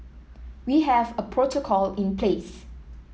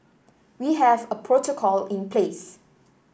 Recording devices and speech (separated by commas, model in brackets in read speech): mobile phone (iPhone 7), boundary microphone (BM630), read sentence